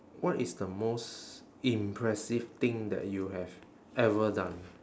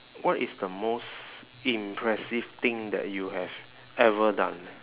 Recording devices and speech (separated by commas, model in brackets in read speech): standing microphone, telephone, conversation in separate rooms